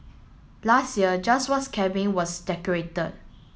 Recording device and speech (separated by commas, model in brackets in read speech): mobile phone (Samsung S8), read sentence